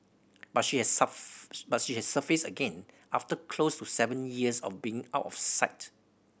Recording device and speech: boundary microphone (BM630), read sentence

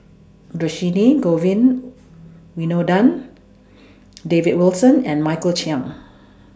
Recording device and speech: standing microphone (AKG C214), read sentence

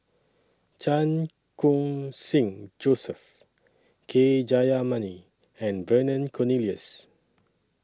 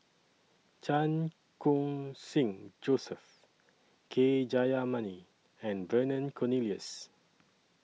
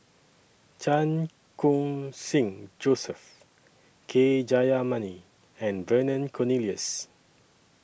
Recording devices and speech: standing microphone (AKG C214), mobile phone (iPhone 6), boundary microphone (BM630), read sentence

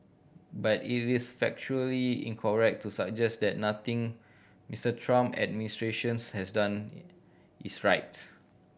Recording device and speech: boundary microphone (BM630), read sentence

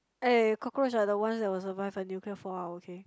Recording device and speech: close-talking microphone, conversation in the same room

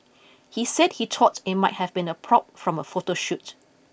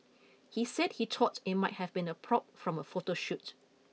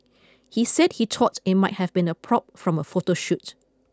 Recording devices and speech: boundary microphone (BM630), mobile phone (iPhone 6), close-talking microphone (WH20), read sentence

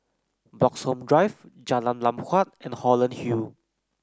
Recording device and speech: close-talking microphone (WH30), read sentence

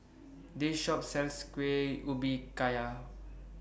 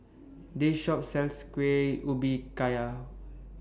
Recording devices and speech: boundary microphone (BM630), standing microphone (AKG C214), read sentence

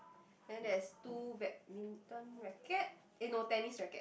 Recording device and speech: boundary microphone, conversation in the same room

